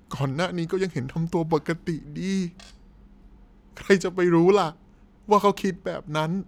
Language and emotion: Thai, sad